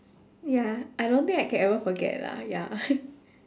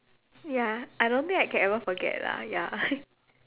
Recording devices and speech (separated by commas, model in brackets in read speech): standing microphone, telephone, conversation in separate rooms